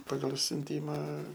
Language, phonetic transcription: Lithuanian, ˈpagal siunˈtyma

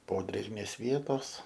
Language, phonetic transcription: Lithuanian, ˈpodrėgmės ˈvietos

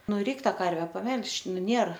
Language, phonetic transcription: Lithuanian, ˈnu ˈreik ˈtą ˈkarve paˈme'lš ˈnu ˈnėr

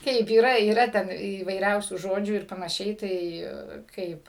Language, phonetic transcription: Lithuanian, ˈkaip yˈra yˈra ˈten įvaiˈriausių ˈžodžių ir panaˈšiai ˈtai ˈkaip

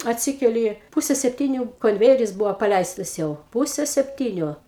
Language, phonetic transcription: Lithuanian, atˈsikeli ˈpuse sepˈtyniu konˈvėjeris ˈbuvo paˈleistas jau ˈpuse sepˈtyniu

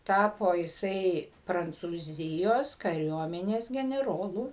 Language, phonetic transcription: Lithuanian, ˈtapo jiˈsai prancūˈzijos kaˈriuomenės geneˈrolu

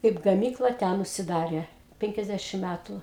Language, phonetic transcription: Lithuanian, kaip gaˈmykla ˈten užsiˈdarė ˈpenkiasˌdæšim ˈmætu

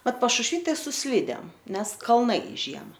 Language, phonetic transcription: Lithuanian, ˈmat pašušˈvy ˈtai su ˈslydėm ˈnes kalˈnai ˈžiema

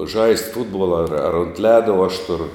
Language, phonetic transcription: Lithuanian, žaist' ˈfutbuola ar ar unt ˈleda uo aš ˈturu

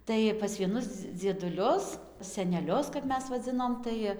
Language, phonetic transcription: Lithuanian, ˈtai pas vieˈnus dzieduˈlius seneˈlius kap ˈmes vaˈdzinom ˈtai

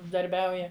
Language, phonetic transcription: Lithuanian, uždarˈbiauja

